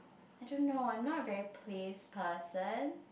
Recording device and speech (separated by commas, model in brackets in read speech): boundary microphone, conversation in the same room